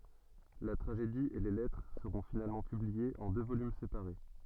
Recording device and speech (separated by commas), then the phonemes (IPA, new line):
soft in-ear microphone, read sentence
la tʁaʒedi e le lɛtʁ səʁɔ̃ finalmɑ̃ pybliez ɑ̃ dø volym sepaʁe